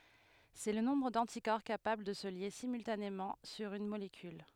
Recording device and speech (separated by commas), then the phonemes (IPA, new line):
headset microphone, read sentence
sɛ lə nɔ̃bʁ dɑ̃tikɔʁ kapabl də sə lje simyltanemɑ̃ syʁ yn molekyl